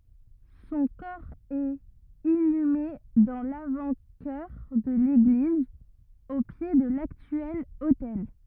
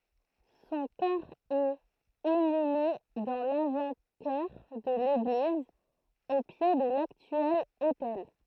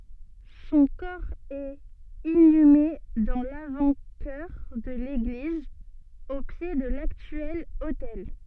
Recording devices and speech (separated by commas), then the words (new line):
rigid in-ear microphone, throat microphone, soft in-ear microphone, read sentence
Son corps est inhumé dans l'avant-chœur de l'église, au pied de l'actuel autel.